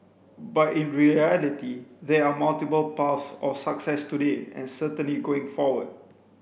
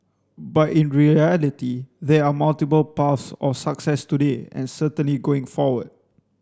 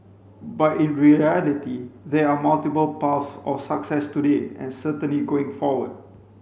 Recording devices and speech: boundary microphone (BM630), standing microphone (AKG C214), mobile phone (Samsung C5), read sentence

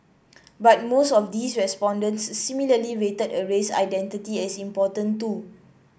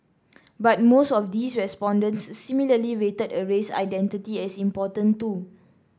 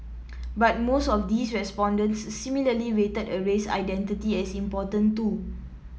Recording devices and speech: boundary microphone (BM630), standing microphone (AKG C214), mobile phone (iPhone 7), read sentence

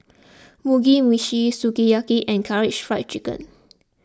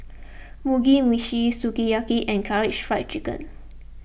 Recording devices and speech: close-talking microphone (WH20), boundary microphone (BM630), read sentence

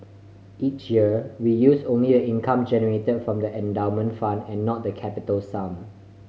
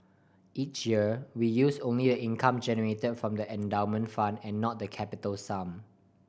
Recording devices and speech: mobile phone (Samsung C5010), boundary microphone (BM630), read sentence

